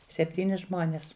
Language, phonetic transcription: Lithuanian, sepˈtyni ˈžmonės

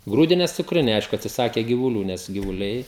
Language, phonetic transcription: Lithuanian, ˈgrūdines cukˈriniai ˈaišku atsiˈsake givuˈlių ˈnes givuˈliai

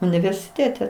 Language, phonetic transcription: Lithuanian, universiˈtėte

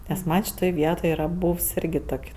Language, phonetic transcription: Lithuanian, nes ˈman' šiˈtoj ˈvietoj ˈyra ˈbūvs ˈirgi ˈtok'

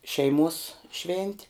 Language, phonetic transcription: Lithuanian, ˈšeiˌmuos ˈšventi

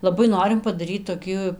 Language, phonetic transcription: Lithuanian, laˈbai ˈnorim padaˈryt toˈkį

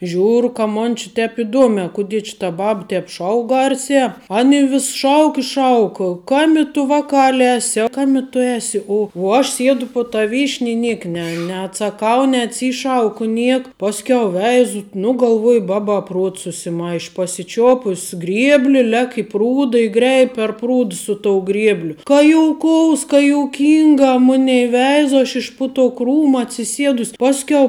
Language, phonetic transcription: Lithuanian, ˈžiūru ka ˈmon či ˈtep iˈduomē kuˈdie či ta ˈbab ˈtēp ˈšauk ˈgarsē ˈani vis ˈšauk i ˈšauk ˈkami tu ˈvakali ˈesi a ˈkami tu ˈesi u uo ˈaš ˈsiedu pu ta ˈvyšni i ˈniek ne neatsaˈkau neatˈsyšauku ˈniek ˈpasˌkiau ˈveizu nu galˈvuoju ˈbaba ˈpruots susiˈmaiš' pasiˈčiopus ˈgriebli ˈlek' i ˈprūda i ˈgreib' per ˈprūd su tou ˈgriebliu ka jouˈkous ka jouˈkinga ˈmunei ˈveizo aš iš pu to ˈkrūma atsiˈsiedus ˈpasˌkiau

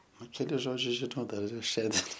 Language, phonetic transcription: Lithuanian, ˈnu keˈlis ˈžodžius žiˈnau ˈdar ir ˈšiandien

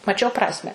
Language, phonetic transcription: Lithuanian, maˈčiau ˈprasme

